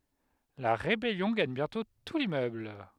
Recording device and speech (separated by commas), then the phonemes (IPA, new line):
headset microphone, read sentence
la ʁebɛljɔ̃ ɡaɲ bjɛ̃tɔ̃ tu limmøbl